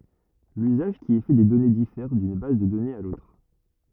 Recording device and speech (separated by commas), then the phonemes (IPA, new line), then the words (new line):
rigid in-ear microphone, read sentence
lyzaʒ ki ɛ fɛ de dɔne difɛʁ dyn baz də dɔnez a lotʁ
L'usage qui est fait des données diffère d'une base de données à l'autre.